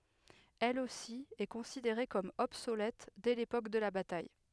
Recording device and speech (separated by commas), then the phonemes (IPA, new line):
headset microphone, read sentence
ɛl osi ɛ kɔ̃sideʁe kɔm ɔbsolɛt dɛ lepok də la bataj